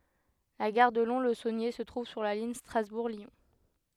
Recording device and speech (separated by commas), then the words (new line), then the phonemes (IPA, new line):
headset microphone, read sentence
La gare de Lons-le-Saunier se trouve sur la ligne Strasbourg - Lyon.
la ɡaʁ də lɔ̃slzonje sə tʁuv syʁ la liɲ stʁazbuʁ ljɔ̃